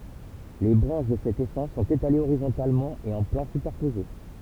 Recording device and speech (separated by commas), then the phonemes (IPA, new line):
temple vibration pickup, read sentence
le bʁɑ̃ʃ də sɛt esɑ̃s sɔ̃t etalez oʁizɔ̃talmɑ̃ e ɑ̃ plɑ̃ sypɛʁpoze